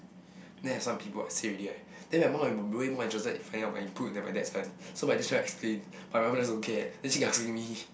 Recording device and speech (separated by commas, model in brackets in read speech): boundary microphone, conversation in the same room